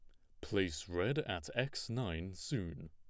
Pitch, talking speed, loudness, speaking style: 90 Hz, 145 wpm, -39 LUFS, plain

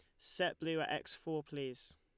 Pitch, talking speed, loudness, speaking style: 155 Hz, 200 wpm, -40 LUFS, Lombard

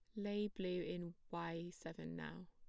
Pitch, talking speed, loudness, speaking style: 175 Hz, 155 wpm, -46 LUFS, plain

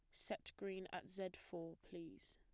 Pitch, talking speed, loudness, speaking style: 180 Hz, 170 wpm, -51 LUFS, plain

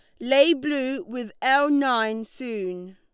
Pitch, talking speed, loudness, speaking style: 250 Hz, 135 wpm, -23 LUFS, Lombard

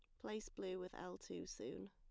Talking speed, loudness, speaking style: 210 wpm, -50 LUFS, plain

